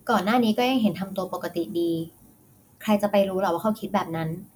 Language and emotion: Thai, neutral